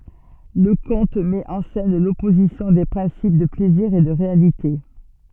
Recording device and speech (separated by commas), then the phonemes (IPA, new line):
soft in-ear microphone, read sentence
lə kɔ̃t mɛt ɑ̃ sɛn lɔpozisjɔ̃ de pʁɛ̃sip də plɛziʁ e də ʁealite